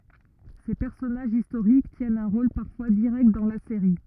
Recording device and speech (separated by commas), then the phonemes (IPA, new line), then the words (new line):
rigid in-ear microphone, read sentence
se pɛʁsɔnaʒz istoʁik tjɛnt œ̃ ʁol paʁfwa diʁɛkt dɑ̃ la seʁi
Ces personnages historiques tiennent un rôle parfois direct dans la série.